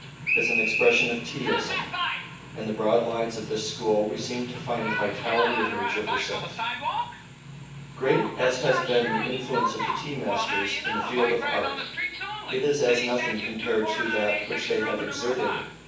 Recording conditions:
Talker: one person; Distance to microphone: 9.8 m; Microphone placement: far; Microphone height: 1.8 m; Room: large; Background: television

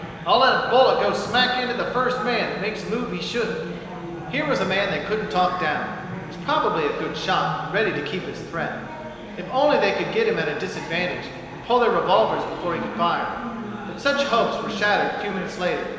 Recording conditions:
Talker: one person; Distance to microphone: 1.7 m; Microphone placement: close; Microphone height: 1.0 m; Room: very reverberant, large; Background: babble

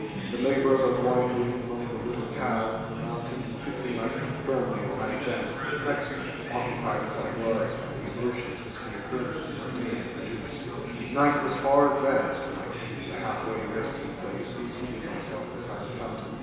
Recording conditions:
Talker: one person; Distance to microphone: 1.7 m; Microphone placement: close; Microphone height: 1.0 m; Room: very reverberant, large; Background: babble

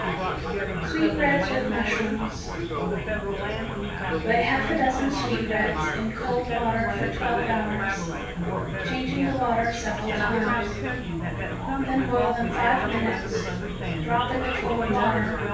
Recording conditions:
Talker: one person; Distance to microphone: 9.8 m; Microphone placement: far; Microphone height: 1.8 m; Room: large; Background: babble

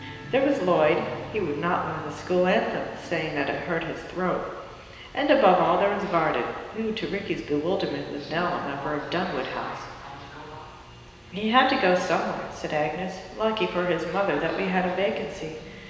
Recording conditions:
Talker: one person; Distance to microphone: 1.7 m; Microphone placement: close; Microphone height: 1.0 m; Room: very reverberant, large; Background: television

